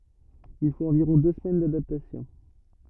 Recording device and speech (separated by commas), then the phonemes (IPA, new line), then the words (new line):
rigid in-ear microphone, read sentence
il fot ɑ̃viʁɔ̃ dø səmɛn dadaptasjɔ̃
Il faut environ deux semaines d'adaptation.